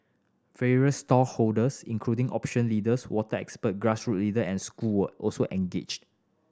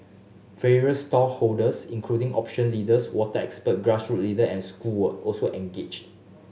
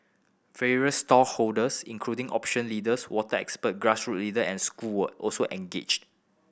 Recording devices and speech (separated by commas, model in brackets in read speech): standing microphone (AKG C214), mobile phone (Samsung S8), boundary microphone (BM630), read sentence